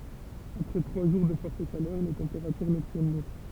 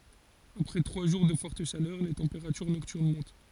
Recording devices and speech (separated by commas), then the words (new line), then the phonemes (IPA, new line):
temple vibration pickup, forehead accelerometer, read sentence
Après trois jours de forte chaleur, les températures nocturnes montent.
apʁɛ tʁwa ʒuʁ də fɔʁt ʃalœʁ le tɑ̃peʁatyʁ nɔktyʁn mɔ̃t